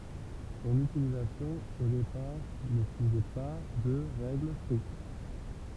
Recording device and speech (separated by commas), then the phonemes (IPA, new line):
temple vibration pickup, read sentence
sɔ̃n ytilizasjɔ̃ o depaʁ nə syivɛ pa də ʁɛɡl stʁikt